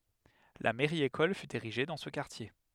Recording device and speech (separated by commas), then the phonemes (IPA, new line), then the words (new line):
headset microphone, read sentence
la mɛʁjəekɔl fy eʁiʒe dɑ̃ sə kaʁtje
La mairie-école fut érigée dans ce quartier.